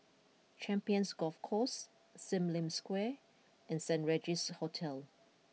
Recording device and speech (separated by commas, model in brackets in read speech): mobile phone (iPhone 6), read sentence